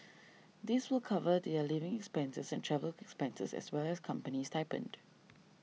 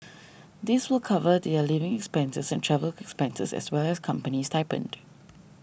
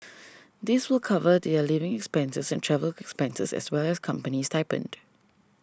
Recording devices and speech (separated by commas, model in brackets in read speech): mobile phone (iPhone 6), boundary microphone (BM630), standing microphone (AKG C214), read sentence